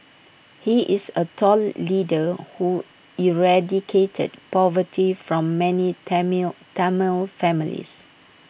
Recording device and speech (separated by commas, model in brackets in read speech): boundary microphone (BM630), read sentence